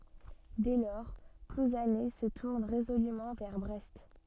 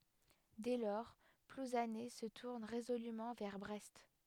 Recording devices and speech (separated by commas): soft in-ear microphone, headset microphone, read sentence